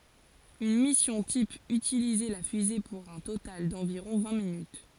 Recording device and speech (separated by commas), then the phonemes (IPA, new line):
forehead accelerometer, read sentence
yn misjɔ̃ tip ytilizɛ la fyze puʁ œ̃ total dɑ̃viʁɔ̃ vɛ̃ minyt